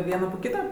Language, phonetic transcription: Lithuanian, ˈviena po ˈkyta

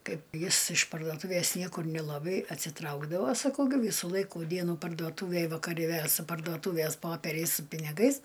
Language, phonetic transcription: Lithuanian, ˈkaip ˈjis iš pardoˈtūvės ˈniekur nilaˈbai atsiˈtraukdavo saˈkau gi ˈvysų ˈlaikų ˈdienų parduoˈtūvėj vakaˈri vė su parduoˈtūvės ˈpoperiais su piniˈgais

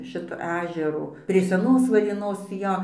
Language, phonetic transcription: Lithuanian, ˈšito ˈežero prie seˈnos varėˈnos ˈjo

